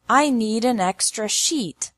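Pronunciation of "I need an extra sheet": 'Sheet' is pronounced correctly here, as 'sheet' and not as 'shit'.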